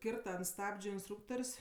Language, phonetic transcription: Lithuanian, ˈkirta ant ˈstabdžiu insˈtrūktor's'

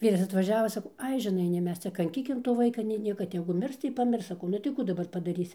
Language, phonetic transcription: Lithuanian, ˈvyras atvaˈžiavo saˈkau ˈai žiˈnai nei ˈmes ˈcia kanˈkykim to ˈvaika nei ˈnieka tegu ˈmirs tai paˈmirs saˈkau nu tai ˈkų daˈbar padaˈrysi

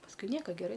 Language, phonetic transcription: Lithuanian, pasˈkui ˈnieka geˈrai

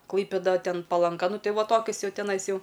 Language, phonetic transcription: Lithuanian, ˈklaipėda ˈten palanˈga ˈnu ˈtai ˈva ˈtokius ˈjau teˈnais ˈjau

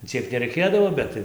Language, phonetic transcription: Lithuanian, ˈciek nereiˈkėdavo ˈbet tai

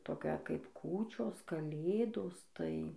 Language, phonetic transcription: Lithuanian, ˈtokia kaip ˈkūčios kaˈlėdos tai

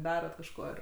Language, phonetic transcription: Lithuanian, ˈdarat kažˈko ir

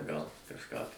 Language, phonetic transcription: Lithuanian, gal kažˈką tai

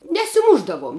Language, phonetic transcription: Lithuanian, nesiˈmušdavuom

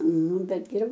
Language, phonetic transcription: Lithuanian, ˈnu ˈbet geˈriau

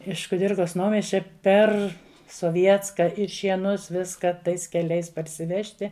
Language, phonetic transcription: Lithuanian, iš kuˈdirkas ˈnaumiesčia ˈper soˈvietska ir šieˈnus ˈviska ˈtais keˈliais parsiˈvežti

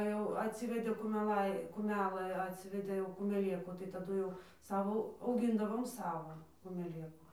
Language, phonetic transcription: Lithuanian, jau atˈsivedė kumeˈlai kuˈmelɘ atˈsivedė jau kumeˈlėkų tai taˈdu jau ˈsavo auˈgindavom ˈsavo kumeˈlėku

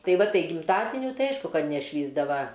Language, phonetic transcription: Lithuanian, ˈtai ˈva ˈtai gimˈtadiniu ˈtai ˈaišku ˈkad neˈšvįsdava

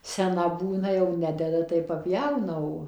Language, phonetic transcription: Lithuanian, seˈna ˈbūna jau ˈnededa tai paˈpjauna ˈo

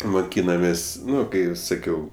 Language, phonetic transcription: Lithuanian, moˈkynamės' ˈnu ˈkai saˈkiau

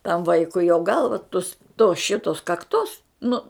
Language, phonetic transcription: Lithuanian, tam ˈvaikui jo ˈgalva tus to ˈšitos kakˈtos ˈnu

